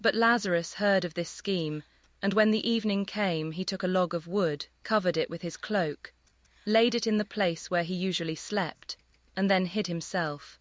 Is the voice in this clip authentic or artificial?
artificial